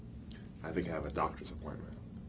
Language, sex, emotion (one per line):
English
male
neutral